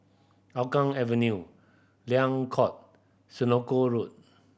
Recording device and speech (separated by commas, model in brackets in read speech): boundary microphone (BM630), read sentence